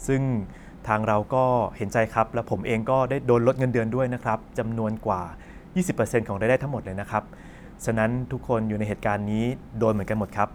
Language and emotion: Thai, neutral